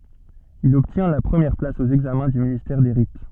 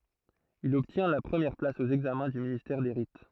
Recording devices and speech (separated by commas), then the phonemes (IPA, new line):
soft in-ear microphone, throat microphone, read sentence
il ɔbtjɛ̃ la pʁəmjɛʁ plas o ɛɡzamɛ̃ dy ministɛʁ de ʁit